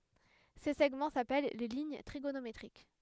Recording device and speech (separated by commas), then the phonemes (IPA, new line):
headset microphone, read sentence
se sɛɡmɑ̃ sapɛl le liɲ tʁiɡonometʁik